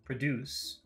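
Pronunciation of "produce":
In 'produce', the first syllable is short and the second is long. This is the verb pronunciation, meaning 'make', not the noun.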